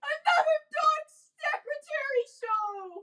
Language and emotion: English, sad